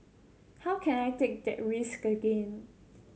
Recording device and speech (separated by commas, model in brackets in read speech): mobile phone (Samsung C7100), read sentence